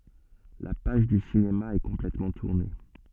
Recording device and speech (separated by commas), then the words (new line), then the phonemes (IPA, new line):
soft in-ear microphone, read sentence
La page du cinéma est complètement tournée.
la paʒ dy sinema ɛ kɔ̃plɛtmɑ̃ tuʁne